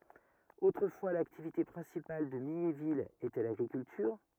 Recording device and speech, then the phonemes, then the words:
rigid in-ear microphone, read sentence
otʁəfwa laktivite pʁɛ̃sipal də miɲevil etɛ laɡʁikyltyʁ
Autrefois l'activité principale de Mignéville était l'agriculture.

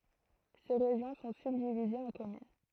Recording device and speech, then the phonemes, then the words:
throat microphone, read sentence
se ʁeʒjɔ̃ sɔ̃ sybdivizez ɑ̃ kɔmyn
Ces régions sont subdivisées en communes.

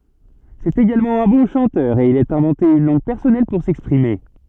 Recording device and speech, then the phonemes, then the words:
soft in-ear microphone, read sentence
sɛt eɡalmɑ̃ œ̃ bɔ̃ ʃɑ̃tœʁ e il a ɛ̃vɑ̃te yn lɑ̃ɡ pɛʁsɔnɛl puʁ sɛkspʁime
C'est également un bon chanteur, et il a inventé une langue personnelle pour s'exprimer.

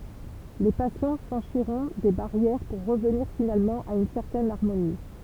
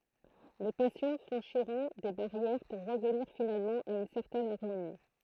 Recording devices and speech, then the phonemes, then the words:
temple vibration pickup, throat microphone, read sentence
le pasjɔ̃ fʁɑ̃ʃiʁɔ̃ de baʁjɛʁ puʁ ʁəvniʁ finalmɑ̃ a yn sɛʁtɛn aʁmoni
Les passions franchiront des barrières pour revenir finalement à une certaine harmonie.

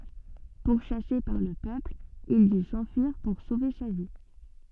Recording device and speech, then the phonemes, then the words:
soft in-ear microphone, read sentence
puʁʃase paʁ lə pøpl il dy sɑ̃fyiʁ puʁ sove sa vi
Pourchassé par le peuple, il dut s'enfuir pour sauver sa vie.

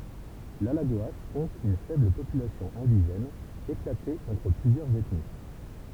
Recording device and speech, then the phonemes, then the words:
temple vibration pickup, read sentence
lalaɡoa kɔ̃t yn fɛbl popylasjɔ̃ ɛ̃diʒɛn eklate ɑ̃tʁ plyzjœʁz ɛtni
L’Alagoas compte une faible population indigène, éclatée entre plusieurs ethnies.

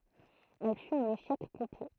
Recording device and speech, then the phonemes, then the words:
throat microphone, read sentence
ɛl fyt œ̃n eʃɛk kɔ̃plɛ
Elle fut un échec complet.

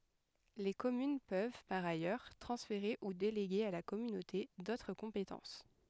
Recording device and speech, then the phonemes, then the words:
headset microphone, read sentence
le kɔmyn pøv paʁ ajœʁ tʁɑ̃sfeʁe u deleɡe a la kɔmynote dotʁ kɔ̃petɑ̃s
Les communes peuvent, par ailleurs, transférer ou déléguer à la communauté d'autres compétences.

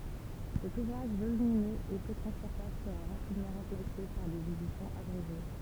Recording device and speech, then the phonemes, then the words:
temple vibration pickup, read sentence
sɛt uvʁaʒ volyminøz e pø tʁɑ̃spɔʁtabl səʁa ʁapidmɑ̃ ʁɑ̃plase paʁ dez edisjɔ̃z abʁeʒe
Cet ouvrage volumineux et peu transportable sera rapidement remplacé par des éditions abrégées.

